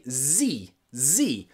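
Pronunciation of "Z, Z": The letter Z is said the American way, twice, with the same ee sound at the end as 'B', 'C' and 'D'.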